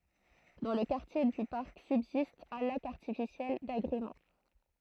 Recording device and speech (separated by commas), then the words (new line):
throat microphone, read sentence
Dans le quartier du parc subsiste un lac artificiel d’agrément.